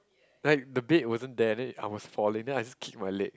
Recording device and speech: close-talking microphone, conversation in the same room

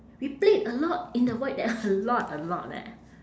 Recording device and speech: standing microphone, conversation in separate rooms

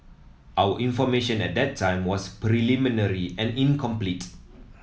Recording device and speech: mobile phone (iPhone 7), read sentence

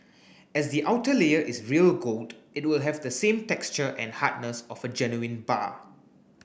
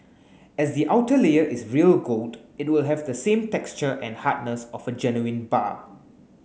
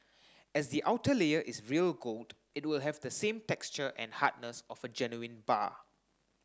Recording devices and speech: boundary microphone (BM630), mobile phone (Samsung S8), standing microphone (AKG C214), read sentence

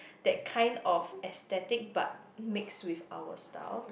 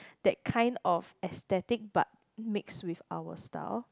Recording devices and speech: boundary microphone, close-talking microphone, conversation in the same room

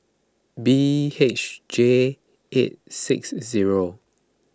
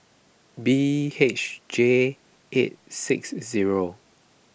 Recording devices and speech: close-talking microphone (WH20), boundary microphone (BM630), read sentence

